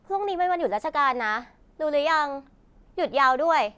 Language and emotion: Thai, frustrated